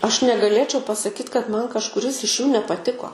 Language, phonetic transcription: Lithuanian, aš negaˈlėčiau pasaˈkyt kad ˈman kažkuˈris iš jų nepaˈtiko

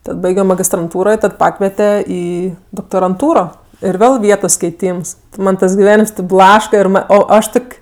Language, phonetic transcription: Lithuanian, ˈtad ˈbaigio magistranˈtūro i ˈtad ˈpakviete ˈį doktoranˈtūro ir ˈvėl ˈvietos keiˈtyms ˈman ˈtas giˈvenims tep ˈblaška ir ˈma ˈo ˈaš ˈtok'

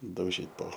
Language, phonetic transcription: Lithuanian, dauˈžyt po

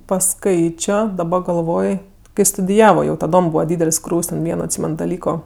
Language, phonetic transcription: Lithuanian, paˈskaičio daˈba galˈvoj kai studiˈjavo jau taˈdom ˈbūva ˈdydel's' ˈkrūv's' ten ˈvieno atˈsymen daˈlyko

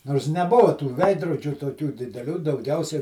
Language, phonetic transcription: Lithuanian, nors neˈbuva tų ˈveidrodžių toˈkių dideˈlių dauˈgiausia

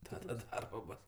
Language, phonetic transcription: Lithuanian, ˈtada ˈdarbo ˈbos

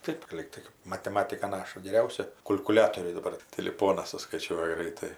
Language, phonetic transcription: Lithuanian, ˈtaip ˈlygtai mateˈmatika ˈnaša geˈriausia kul'kuˈliatoriai daˈbar tiˈliponas suskaiˈčiuoja ˈgraitai

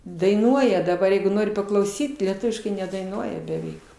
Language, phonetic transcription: Lithuanian, daiˈnuoja daˈbar ˈjeigu ˈnori paklauˈsyt lieˈtuviškai nedaiˈnuoja beˈveik

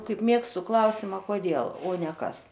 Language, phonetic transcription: Lithuanian, ˈkaip ˈmėgstu ˈklausima koˈdėl o ne ˈkas

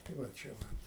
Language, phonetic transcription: Lithuanian, tai va ˈčia va

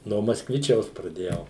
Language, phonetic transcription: Lithuanian, no maskˈvičiaus praˈdėjau

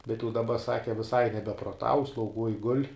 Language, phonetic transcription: Lithuanian, bet jau daˈba ˈsaki viˈsai nebeproˈtau slauˈguoj gul'

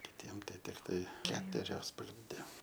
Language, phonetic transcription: Lithuanian, kiˈtiem ˈtai tikˈtai ˈketurios pagrinˈde

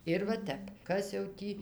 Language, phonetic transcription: Lithuanian, ir va ˈtep ˈkas jau ˈtį

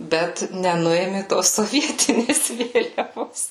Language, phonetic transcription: Lithuanian, ˈbet neˈnuėmė tos soˈvietinės ˈvėliavos

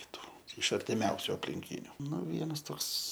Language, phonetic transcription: Lithuanian, kiˈtų iš artiˈmiausiu aplinˈkyniu ˈnu ˈvienas ˈtoks

